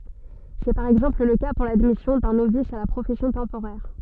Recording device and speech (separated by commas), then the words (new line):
soft in-ear microphone, read sentence
C'est par exemple le cas pour l'admission d'un novice à la profession temporaire.